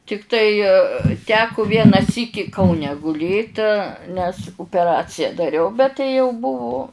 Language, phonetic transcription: Lithuanian, tikˈtai ˈteku ˈviena ˈsyki kauˈne guˈlėt nes upeˈracija daˈriau bet tai jau ˈbuvu

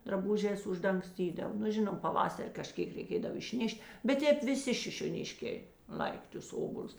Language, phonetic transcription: Lithuanian, draˈbužēs uždangˈstydav nu ˈžinom paˈvasar' kaˈžkėk reiˈkėdav išˈneš't' bet ˈtēp viˈsi šišioˈniškė ˈlaik' tus ˈobolius

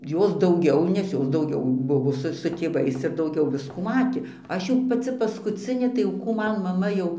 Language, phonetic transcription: Lithuanian, ˈjos dauˈgiau nes ˈjos dauˈgiau ˈbuvo ˈsu su tėˈvais ir dauˈgiau ˈviskų ˈmatė ˈaš jau paˈci paskuˈcinė tai jau ˈkų ˈman maˈma jau

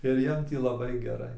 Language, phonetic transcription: Lithuanian, ir ˈjiem tį laˈbai geˈrai

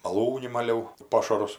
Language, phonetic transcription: Lithuanian, maˈlūni maˈliau ˈpošarus

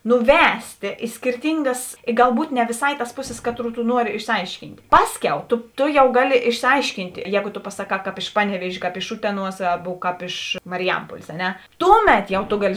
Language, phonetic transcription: Lithuanian, nuˈvestė i skirˈtingas i galˈbūt ne vėˈsā i tas ˈpuˌsis ˈkaˌtrų tu ˈnuori išsiˈaiškynt' ˈpaˌskiau to to jau ˈgaˌli išsiˈaiškynt ˈjēgo to pasaˈkā kāp iš ˈpaneˌviežė kāp iš ˈuteˌnuos ˈabu kāp iš ˈmariˈjampuolės a ˈne ˈtūˌmet jau to ˈgaˌli

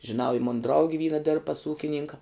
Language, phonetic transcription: Lithuanian, žiˈnau i ˈmuna ˈdraugi ˈvyna dirb pas ˈūkininka

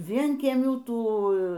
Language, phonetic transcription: Lithuanian, ˈvienkiemių ˈtų

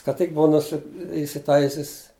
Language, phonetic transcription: Lithuanian, ka ˈtik ˈbuva nuˈsi isiˈtaisis

